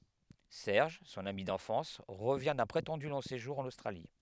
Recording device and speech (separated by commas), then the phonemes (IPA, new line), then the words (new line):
headset microphone, read sentence
sɛʁʒ sɔ̃n ami dɑ̃fɑ̃s ʁəvjɛ̃ dœ̃ pʁetɑ̃dy lɔ̃ seʒuʁ ɑ̃n ostʁali
Serge, son ami d'enfance, revient d'un prétendu long séjour en Australie.